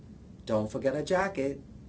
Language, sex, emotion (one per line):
English
male
neutral